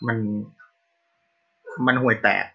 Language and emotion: Thai, frustrated